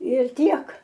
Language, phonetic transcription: Lithuanian, ir ˈtiek

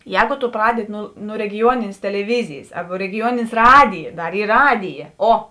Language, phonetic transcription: Lithuanian, ˈjēgu tu ˈpradedi ˈnu nu regiˈjuoninės teleˈvizijis ˈarba regiˈjuoninės ˈradija ˈdar ˈyr ˈradija ˈo

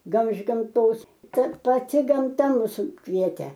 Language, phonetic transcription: Lithuanian, ˈgal iš gamˈtos ˈkad paˈti gamˈta ˈmus ˈkvietė

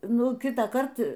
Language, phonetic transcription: Lithuanian, ˈnu ˈkitąˌkart

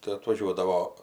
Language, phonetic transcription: Lithuanian, tai atvaˈžiuodavo

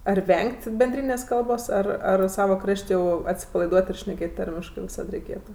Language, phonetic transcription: Lithuanian, ar ˈveng't' benˈdrynės' ˈkalbos ˈar ar ˈsava ˈkraš't' jau atsipalaiˈduot ir šneˈkėt ˈtarmiškɜ viˈsad reiˈkėtu

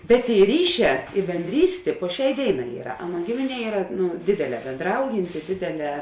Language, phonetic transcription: Lithuanian, bet ˈtėi ˈryˌšē i benˈdrystė po ˈšiai ˈdėiˌnā ˈyra ˈaˌnuo ˈgimiˌnie ˈyra ˈnu ˈdėdėˌlē bėnˈdraujinti ˈdėdėˌlē

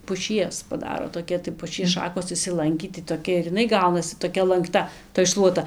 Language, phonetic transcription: Lithuanian, puˈšies paˈdaro toˈkia tai puˈšies ˈšakos išsiˈlankį tai toˈkia ir iˈnai ˈgaunasi toˈkia lankˈta toj ˈšluota

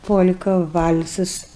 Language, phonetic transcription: Lithuanian, pol'ka val'sas

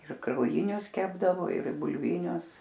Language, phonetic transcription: Lithuanian, ir krauˈjinius ˈkepdavo ir bulˈvinius

